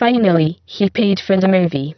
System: VC, spectral filtering